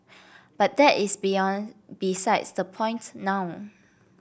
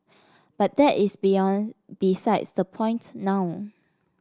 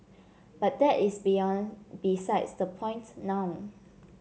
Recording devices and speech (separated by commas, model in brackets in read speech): boundary microphone (BM630), standing microphone (AKG C214), mobile phone (Samsung C7), read sentence